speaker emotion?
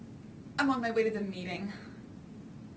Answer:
fearful